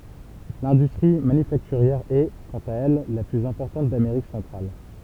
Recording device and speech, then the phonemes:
temple vibration pickup, read sentence
lɛ̃dystʁi manyfaktyʁjɛʁ ɛ kɑ̃t a ɛl la plyz ɛ̃pɔʁtɑ̃t dameʁik sɑ̃tʁal

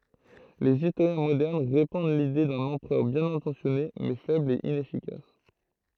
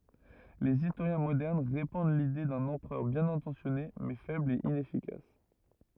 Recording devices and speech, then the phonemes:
throat microphone, rigid in-ear microphone, read sentence
lez istoʁjɛ̃ modɛʁn ʁepɑ̃d lide dœ̃n ɑ̃pʁœʁ bjɛ̃n ɛ̃tɑ̃sjɔne mɛ fɛbl e inɛfikas

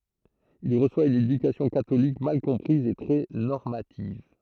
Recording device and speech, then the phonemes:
throat microphone, read sentence
il ʁəswa yn edykasjɔ̃ katolik mal kɔ̃pʁiz e tʁɛ nɔʁmativ

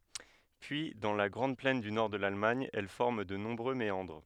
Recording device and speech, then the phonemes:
headset microphone, read sentence
pyi dɑ̃ la ɡʁɑ̃d plɛn dy nɔʁ də lalmaɲ ɛl fɔʁm də nɔ̃bʁø meɑ̃dʁ

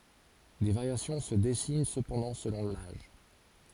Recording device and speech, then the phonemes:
forehead accelerometer, read sentence
de vaʁjasjɔ̃ sə dɛsin səpɑ̃dɑ̃ səlɔ̃ laʒ

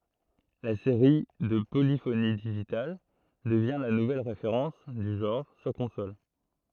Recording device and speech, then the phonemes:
throat microphone, read sentence
la seʁi də polifoni diʒital dəvjɛ̃ la nuvɛl ʁefeʁɑ̃s dy ʒɑ̃ʁ syʁ kɔ̃sol

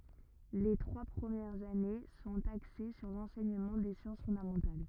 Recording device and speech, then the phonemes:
rigid in-ear microphone, read sentence
le tʁwa pʁəmjɛʁz ane sɔ̃t akse syʁ lɑ̃sɛɲəmɑ̃ de sjɑ̃s fɔ̃damɑ̃tal

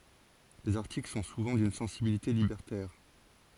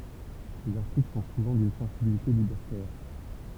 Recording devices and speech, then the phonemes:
forehead accelerometer, temple vibration pickup, read sentence
lez aʁtikl sɔ̃ suvɑ̃ dyn sɑ̃sibilite libɛʁtɛʁ

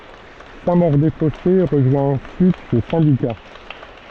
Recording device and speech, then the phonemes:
soft in-ear microphone, read sentence
sɛ̃ moʁ de fɔse ʁəʒwɛ̃ ɑ̃syit sə sɛ̃dika

